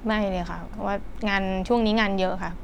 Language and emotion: Thai, frustrated